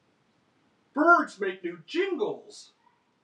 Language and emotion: English, happy